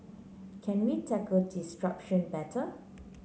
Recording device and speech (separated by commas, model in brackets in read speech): mobile phone (Samsung C9), read sentence